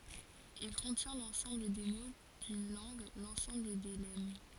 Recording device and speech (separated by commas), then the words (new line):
forehead accelerometer, read sentence
Il contient l’ensemble des mots d’une langue, l’ensemble des lemmes.